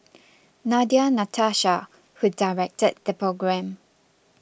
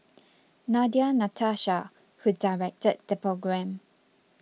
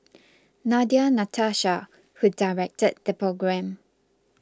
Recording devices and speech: boundary microphone (BM630), mobile phone (iPhone 6), close-talking microphone (WH20), read sentence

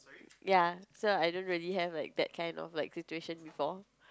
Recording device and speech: close-talking microphone, conversation in the same room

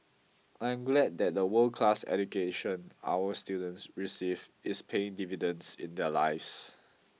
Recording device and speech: mobile phone (iPhone 6), read sentence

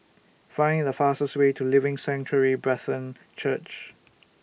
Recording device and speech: boundary microphone (BM630), read sentence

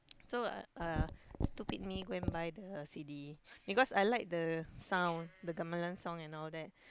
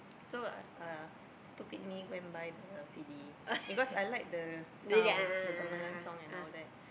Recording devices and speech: close-talking microphone, boundary microphone, conversation in the same room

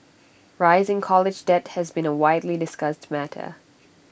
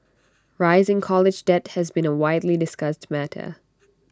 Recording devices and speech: boundary microphone (BM630), standing microphone (AKG C214), read sentence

